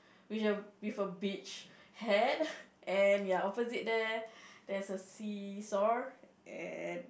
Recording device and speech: boundary microphone, conversation in the same room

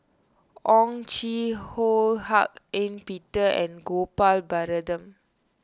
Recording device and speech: standing microphone (AKG C214), read sentence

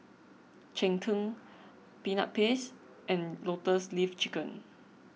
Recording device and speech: mobile phone (iPhone 6), read sentence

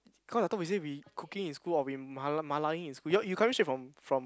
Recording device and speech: close-talking microphone, conversation in the same room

